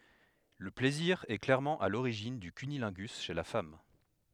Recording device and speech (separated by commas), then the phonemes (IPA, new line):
headset microphone, read sentence
lə plɛziʁ ɛ klɛʁmɑ̃ a loʁiʒin dy kynilɛ̃ɡys ʃe la fam